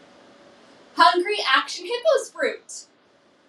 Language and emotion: English, happy